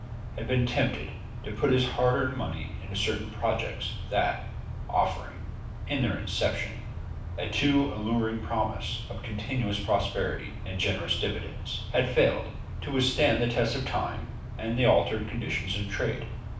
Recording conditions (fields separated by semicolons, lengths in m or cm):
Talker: one person; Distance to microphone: 5.8 m; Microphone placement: far; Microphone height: 1.8 m; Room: medium-sized (5.7 m by 4.0 m); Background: none